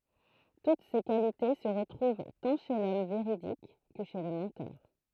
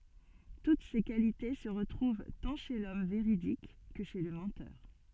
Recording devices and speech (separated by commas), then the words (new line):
throat microphone, soft in-ear microphone, read sentence
Toutes ces qualités se retrouvent tant chez l’homme véridique que chez le menteur.